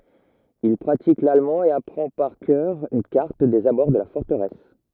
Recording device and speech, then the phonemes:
rigid in-ear microphone, read sentence
il pʁatik lalmɑ̃ e apʁɑ̃ paʁ kœʁ yn kaʁt dez abɔʁ də la fɔʁtəʁɛs

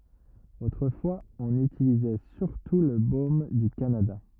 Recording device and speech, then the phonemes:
rigid in-ear microphone, read sentence
otʁəfwaz ɔ̃n ytilizɛ syʁtu lə bom dy kanada

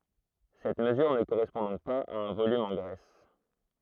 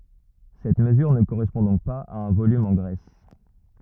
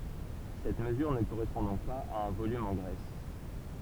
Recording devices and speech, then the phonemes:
throat microphone, rigid in-ear microphone, temple vibration pickup, read sentence
sɛt məzyʁ nə koʁɛspɔ̃ dɔ̃k paz a œ̃ volym ɑ̃ ɡʁɛs

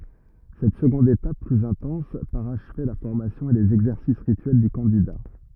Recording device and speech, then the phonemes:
rigid in-ear microphone, read sentence
sɛt səɡɔ̃d etap plyz ɛ̃tɑ̃s paʁaʃvɛ la fɔʁmasjɔ̃ e lez ɛɡzɛʁsis ʁityɛl dy kɑ̃dida

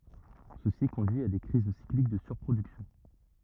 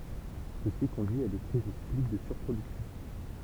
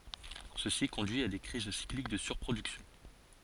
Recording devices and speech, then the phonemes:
rigid in-ear microphone, temple vibration pickup, forehead accelerometer, read sentence
səsi kɔ̃dyi a de kʁiz siklik də syʁpʁodyksjɔ̃

